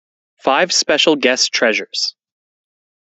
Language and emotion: English, sad